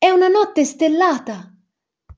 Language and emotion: Italian, surprised